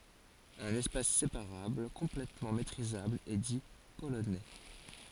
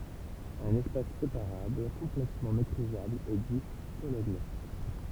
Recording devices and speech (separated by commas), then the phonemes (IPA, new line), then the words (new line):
forehead accelerometer, temple vibration pickup, read sentence
œ̃n ɛspas sepaʁabl kɔ̃plɛtmɑ̃ metʁizabl ɛ di polonɛ
Un espace séparable complètement métrisable est dit polonais.